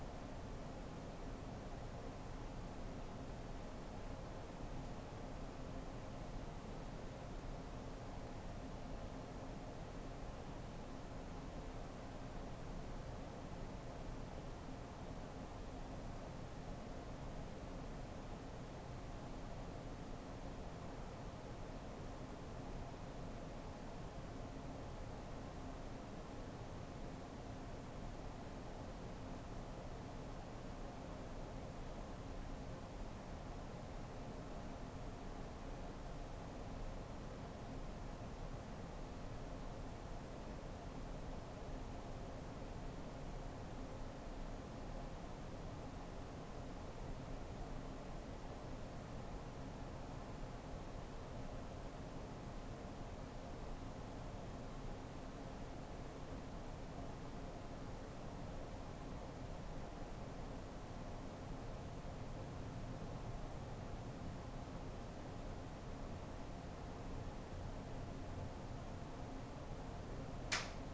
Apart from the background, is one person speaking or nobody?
No one.